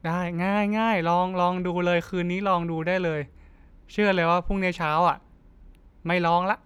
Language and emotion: Thai, neutral